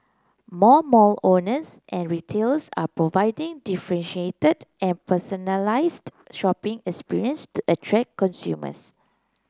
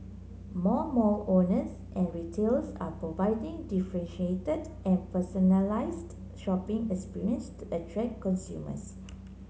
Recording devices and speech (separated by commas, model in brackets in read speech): close-talking microphone (WH30), mobile phone (Samsung C9), read sentence